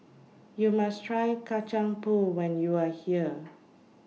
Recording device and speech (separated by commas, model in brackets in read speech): mobile phone (iPhone 6), read sentence